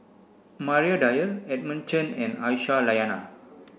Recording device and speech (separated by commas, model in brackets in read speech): boundary microphone (BM630), read sentence